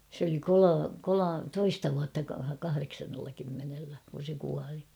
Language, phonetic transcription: Finnish, se ‿oli 'kolo- 'kolo- "toista vuatta 'kahareksannella kymmenellä , kun̬ se kuali .
- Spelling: se oli - - toista vuotta kahdeksannella kymmenellä kun se kuoli

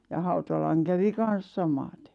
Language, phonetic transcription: Finnish, ja 'Hautalaŋ kävi 'kan̬s 'samatᴇ .
- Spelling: ja Hautalan kävi kanssa samaten

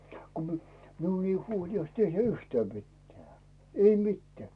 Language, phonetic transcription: Finnish, ku mi- , miun i̬i 'huoli₍ais tehj̳ä "yhtää 'mittᵉä̀ , "ei 'mittᵉä̀ .
- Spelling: kun - minun ei huolisi tehdä yhtään mitään ei mitään

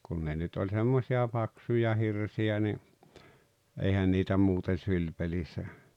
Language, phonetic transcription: Finnish, kun 'ne nyt oĺ 'semmosi₍a 'paksuja 'hirsi₍ä ni , 'eihän niitä 'muuten̬ "syĺpelissä .
- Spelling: kun ne nyt oli semmoisia paksuja hirsiä niin eihän niitä muuten sylipelissä

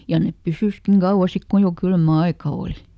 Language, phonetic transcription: Finnish, ja ˈnep "pysyskiŋ ˈGauwa ˈsik ku jo ˈkylmä "aika ˈooli .
- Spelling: ja ne pysyikin kauan sitten kun jo kylmä aika oli

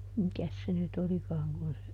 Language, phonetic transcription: Finnish, ˈmikäs se nyt ˈolikaaŋ kun se ,.
- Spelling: mikäs se nyt olikaan kun se

